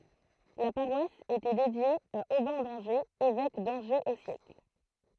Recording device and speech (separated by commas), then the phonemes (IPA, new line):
throat microphone, read sentence
la paʁwas etɛ dedje a obɛ̃ dɑ̃ʒez evɛk dɑ̃ʒez o sjɛkl